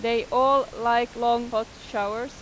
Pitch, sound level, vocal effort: 235 Hz, 94 dB SPL, loud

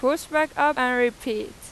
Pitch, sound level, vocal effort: 270 Hz, 94 dB SPL, loud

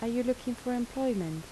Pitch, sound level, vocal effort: 245 Hz, 78 dB SPL, soft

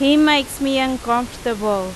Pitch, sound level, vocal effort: 255 Hz, 92 dB SPL, very loud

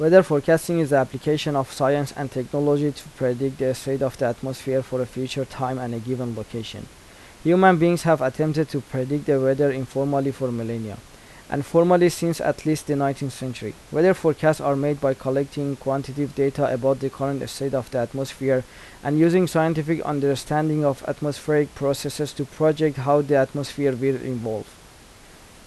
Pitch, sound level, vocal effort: 140 Hz, 84 dB SPL, normal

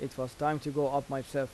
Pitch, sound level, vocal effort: 140 Hz, 86 dB SPL, normal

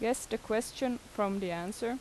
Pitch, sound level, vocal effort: 225 Hz, 83 dB SPL, normal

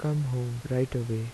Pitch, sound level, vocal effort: 125 Hz, 79 dB SPL, soft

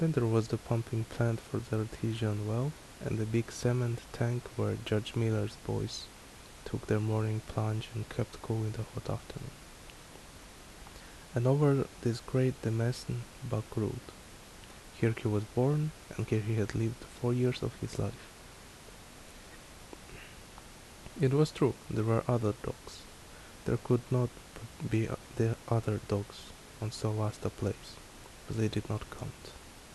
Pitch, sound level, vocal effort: 115 Hz, 70 dB SPL, soft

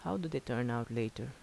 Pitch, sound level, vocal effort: 120 Hz, 78 dB SPL, soft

